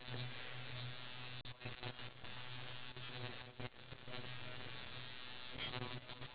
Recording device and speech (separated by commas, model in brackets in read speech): telephone, conversation in separate rooms